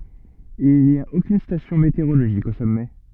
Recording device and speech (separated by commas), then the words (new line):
soft in-ear microphone, read sentence
Il n'y a aucune station météorologique au sommet.